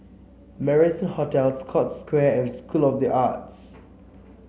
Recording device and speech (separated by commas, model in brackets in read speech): mobile phone (Samsung C7), read sentence